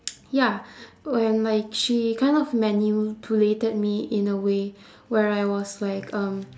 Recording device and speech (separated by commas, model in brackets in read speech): standing microphone, conversation in separate rooms